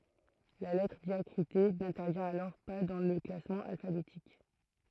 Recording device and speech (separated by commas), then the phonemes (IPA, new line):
throat microphone, read sentence
la lɛtʁ djakʁite nɛ̃tɛʁvjɛ̃t alɔʁ pa dɑ̃ lə klasmɑ̃ alfabetik